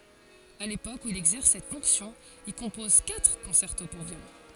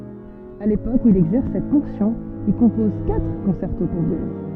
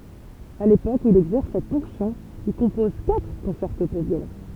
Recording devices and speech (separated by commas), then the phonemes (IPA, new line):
forehead accelerometer, soft in-ear microphone, temple vibration pickup, read sentence
a lepok u il ɛɡzɛʁs sɛt fɔ̃ksjɔ̃ il kɔ̃pɔz katʁ kɔ̃sɛʁto puʁ vjolɔ̃